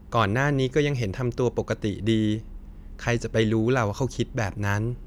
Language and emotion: Thai, neutral